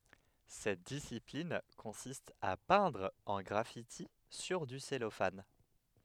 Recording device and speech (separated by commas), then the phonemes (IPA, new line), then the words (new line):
headset microphone, read sentence
sɛt disiplin kɔ̃sist a pɛ̃dʁ œ̃ ɡʁafiti syʁ dy sɛlofan
Cette discipline consiste à peindre un graffiti sur du cellophane.